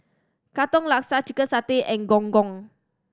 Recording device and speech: standing microphone (AKG C214), read sentence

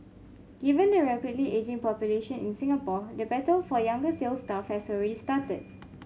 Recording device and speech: mobile phone (Samsung C5), read sentence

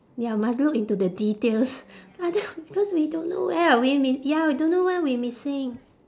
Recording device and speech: standing microphone, conversation in separate rooms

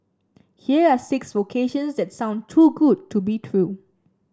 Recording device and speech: standing microphone (AKG C214), read sentence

